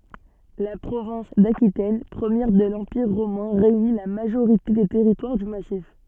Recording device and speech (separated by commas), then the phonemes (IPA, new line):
soft in-ear microphone, read sentence
la pʁovɛ̃s dakitɛn pʁəmjɛʁ də lɑ̃piʁ ʁomɛ̃ ʁeyni la maʒoʁite de tɛʁitwaʁ dy masif